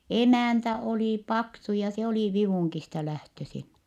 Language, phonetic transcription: Finnish, emä̀ntä olì paksu ja se oli Vivùŋkista lähtösin .
- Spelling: emäntä oli paksu ja se oli Vivungista lähtöisin

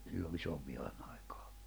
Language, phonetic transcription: Finnish, 'sillo 'isovvihanⁿ ‿ᴀɪkᴀᴀ .
- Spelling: silloin isonvihan aikana

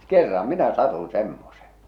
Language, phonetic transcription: Finnish, 'kerra 'minä 'satun̬ 'semmosᴇ .
- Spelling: kerran minä satuin semmoiseen

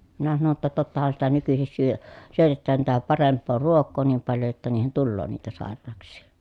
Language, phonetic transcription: Finnish, minä sano ‿tta tottahan sitä nykysis syö- , syötettään tätä paremp̆poo ruok̆koo niim paljo jotta niihen tulloo niitä sàer̀aaks̀ii .
- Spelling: minä sanoin jotta tottahan sitä nykyisin - syötetään tätä parempaa ruokaa niin paljon jotta niihin tulee niitä sairauksia

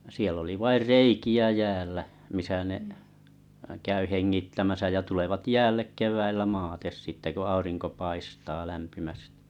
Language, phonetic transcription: Finnish, siell ‿oli 'vair "reiki₍ä 'jäällä , 'misä ne’ , 'käy "heŋŋittämäsä jä tulevat "jäällek "kev̀äillä "maates sitte ko 'auriŋko "paistaa lämpimästɪ .
- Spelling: siellä oli vain reikiä jäällä missä ne käy hengittämässä ja tulevat jäälle keväällä maate sitten kun aurinko paistaa lämpimästi

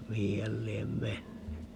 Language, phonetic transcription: Finnish, 'mihi häl 'liem "menny .
- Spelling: mihin hän lie mennyt

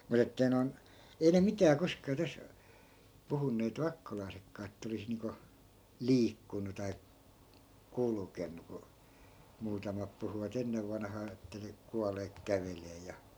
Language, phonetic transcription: Finnish, 'mut ‿ettei non , 'ei ne "mitää 'koskaa täs , puhunneet 'vakkolai̮sekkaa että 'olis niiŋko , "liikkunu tai , "kulkennu ku , 'muutamap puhuva't ‿ennev vanhaa että ne , 'kualeek "kävelee ja ,.
- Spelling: mutta että ei noin ei ne mitään koskaan tästä puhuneet vakkolaisetkaan että olisi niin kuin liikkunut tai kulkenut kun muutamat puhuivat ennen vanhaan että ne kuolleet kävelee ja

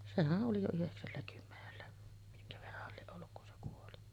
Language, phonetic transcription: Finnish, 'sehä’ ’oli jo 'yheksälläkymmenellä , miŋkä verrah̆hal 'lieˀ 'ˀolluk kun se kuoli .
- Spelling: sehän oli jo yhdeksälläkymmenellä minkä verranhan lie ollut kun se kuoli

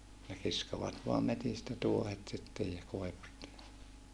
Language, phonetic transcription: Finnish, ne kiskovat voam metistä tuohet sittej ja koi̮vusta .
- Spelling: ne kiskovat vain metsistä tuohet sitten ja koivusta

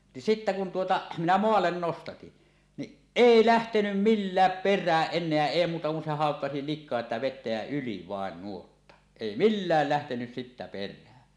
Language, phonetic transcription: Finnish, ni sittä kun 'tuota , minä "moallen 'nostatin , niˀ "ˀèi 'lähtenym "millääp "per̆rääˀ 'ˀen̆neä 'èi muuta kun se háokkasi 'lik̆koa sⁱtä 'vettä jä "yli 'vàen 'nuotta , 'èi "millä̀l lähtenys sittä 'per̆rään .
- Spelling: niin sitten kun tuota minä maalle nostatin niin ei lähtenyt millään perään enää ei muuta kuin se haukkasi liikaa sitä vettä ja yli vain nuotta ei millään lähtenyt sitten perään

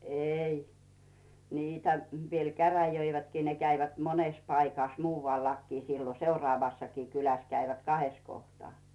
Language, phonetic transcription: Finnish, 'ei niitä , viel "käräjöivätkii , ne 'käivät "monès paikàh 'muuvaliakki siilo "seurᵒàvassakii 'kyläs käivät 'kahes kohtᵒà .
- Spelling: ei niitä vielä käräjöivätkin ne kävivät monessa paikassa muuallakin silloin seuraavassakin kylässä kävivät kahdessa kohtaa

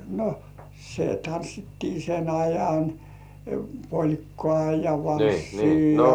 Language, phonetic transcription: Finnish, no , se 'tanssittii sen 'ajan , "poĺkkŏà ja "valssii ja - - .
- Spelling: no se tanssittiin sen ajan polkkaa ja valssia ja

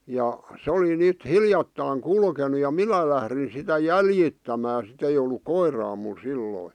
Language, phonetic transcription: Finnish, ja , 'se oli 'nyt "hiljattàⁱŋ "kulkenu ja "minä lährin sitä "jäljittämää sit ‿ei ol̆luk "koiraa mul 'silloi .
- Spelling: ja se oli nyt hiljattain kulkenut ja minä lähdin sitä jäljittämään sitten ei ollut koiraa minulla silloin

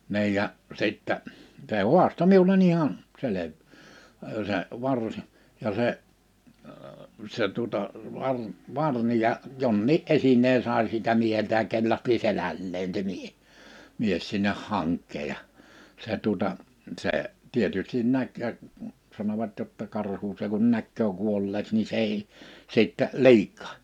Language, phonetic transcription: Finnish, 'ni̬i ja , 'sittä , se "huasto "miule"n ‿ihan , 'selev- , ə 'se varsi , ja se , se tuᵒta , var- , 'varni ja , 'jonnii’ '’esinee 'sài si(l)tä 'mieheltä ja 'kellahti 'selälleen (s)e 'mie- , 'mies sinneh 'haŋk̆kee ja , 'se tuᵒta , 'se , 'tietystin 'näk ja , 'sanovat jotta 'karhu se kun 'näkköö 'kuolleeks ni 's ‿ei , 'sittɛ , "lík̆kÀh .
- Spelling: niin ja sitten se haastoi minulle ihan - - se varsi ja se se tuota - varni ja jonkin esineen sai siltä mieheltä ja kellahti selälleen se - mies sinne hankeen ja se tuota se tietysti näki ja sanovat jotta karhu se kun näkee kuolleeksi niin se ei sitten liikahda

